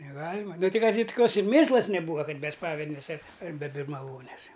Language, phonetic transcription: Lithuanian, neˈgalima ˈnu ˈtai ˈkad ir toˈkios ir ˈmėslas neˈbūa ˈkad ˈmes ˈspavednės ait' ar be birmaˈvonės ˈjau

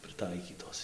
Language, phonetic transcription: Lithuanian, prɨˈtaikytos

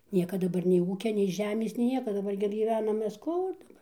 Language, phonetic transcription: Lithuanian, ˈnieka daˈbar nei ˈūkia nei ˈžemės nei ˈnieka daˈbar gi gyˈvenam ˈmes ˈkur daˈbar

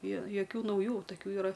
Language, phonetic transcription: Lithuanian, jo joˈkių nauˈjų taˈkių yˈra

